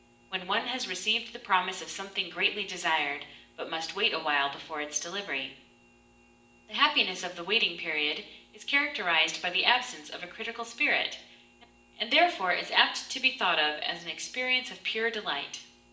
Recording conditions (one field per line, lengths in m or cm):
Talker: one person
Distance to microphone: 1.8 m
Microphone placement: close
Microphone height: 1.0 m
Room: large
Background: none